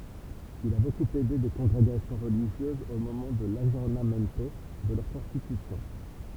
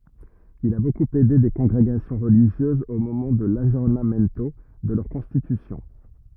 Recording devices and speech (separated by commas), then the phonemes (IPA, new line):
temple vibration pickup, rigid in-ear microphone, read sentence
il a bokup ɛde de kɔ̃ɡʁeɡasjɔ̃ ʁəliʒjøzz o momɑ̃ də laɡjɔʁnamɛnto də lœʁ kɔ̃stitysjɔ̃